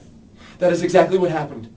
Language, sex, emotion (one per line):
English
male
fearful